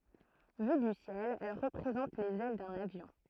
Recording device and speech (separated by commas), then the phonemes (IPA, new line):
throat microphone, read sentence
vy dy sjɛl ɛl ʁəpʁezɑ̃t lez ɛl də lavjɔ̃